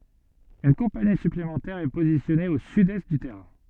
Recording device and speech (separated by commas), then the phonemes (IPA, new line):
soft in-ear microphone, read sentence
yn kɔ̃pani syplemɑ̃tɛʁ ɛ pozisjɔne o sydɛst dy tɛʁɛ̃